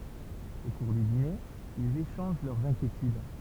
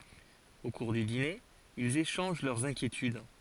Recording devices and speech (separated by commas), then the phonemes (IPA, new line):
temple vibration pickup, forehead accelerometer, read sentence
o kuʁ dy dine ilz eʃɑ̃ʒ lœʁz ɛ̃kjetyd